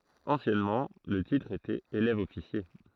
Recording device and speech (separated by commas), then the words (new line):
throat microphone, read sentence
Anciennement, le titre était élève-officier.